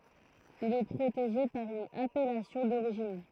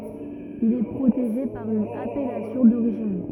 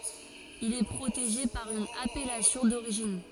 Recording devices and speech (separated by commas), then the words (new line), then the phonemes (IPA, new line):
throat microphone, rigid in-ear microphone, forehead accelerometer, read sentence
Il est protégé par une appellation d'origine.
il ɛ pʁoteʒe paʁ yn apɛlasjɔ̃ doʁiʒin